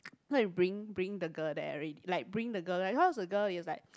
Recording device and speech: close-talking microphone, conversation in the same room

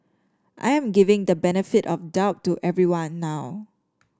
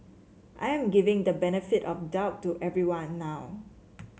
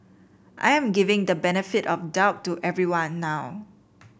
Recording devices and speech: standing microphone (AKG C214), mobile phone (Samsung C7), boundary microphone (BM630), read sentence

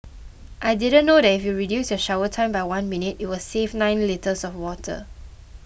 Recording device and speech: boundary microphone (BM630), read sentence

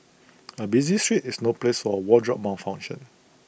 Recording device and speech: boundary microphone (BM630), read sentence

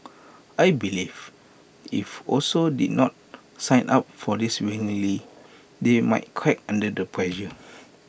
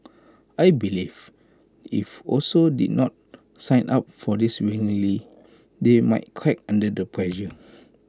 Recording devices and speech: boundary microphone (BM630), close-talking microphone (WH20), read sentence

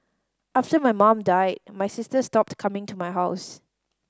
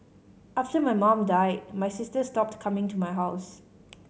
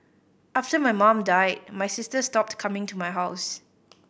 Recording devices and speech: standing microphone (AKG C214), mobile phone (Samsung C5010), boundary microphone (BM630), read sentence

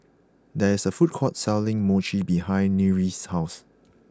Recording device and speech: close-talking microphone (WH20), read sentence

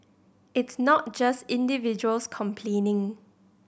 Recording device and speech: boundary microphone (BM630), read sentence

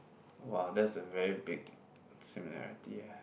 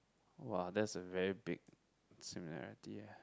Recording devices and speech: boundary microphone, close-talking microphone, conversation in the same room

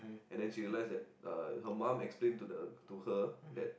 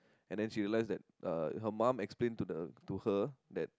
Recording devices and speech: boundary microphone, close-talking microphone, conversation in the same room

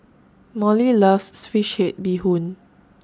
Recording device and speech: standing microphone (AKG C214), read sentence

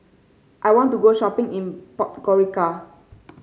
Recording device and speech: mobile phone (Samsung C5), read sentence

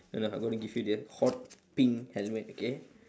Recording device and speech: standing microphone, conversation in separate rooms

